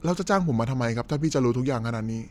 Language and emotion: Thai, neutral